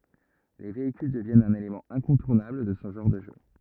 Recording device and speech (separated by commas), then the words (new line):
rigid in-ear microphone, read sentence
Les véhicules deviennent un élément incontournable de ce genre de jeu.